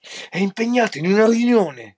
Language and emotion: Italian, angry